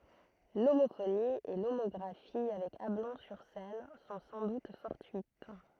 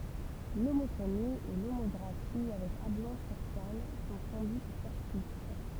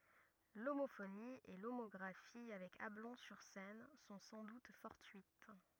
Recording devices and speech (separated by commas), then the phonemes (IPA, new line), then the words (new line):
throat microphone, temple vibration pickup, rigid in-ear microphone, read sentence
lomofoni e lomɔɡʁafi avɛk ablɔ̃ syʁ sɛn sɔ̃ sɑ̃ dut fɔʁtyit
L'homophonie et l'homographie avec Ablon-sur-Seine sont sans doute fortuites.